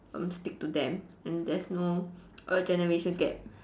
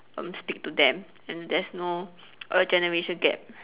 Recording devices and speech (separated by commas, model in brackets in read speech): standing microphone, telephone, conversation in separate rooms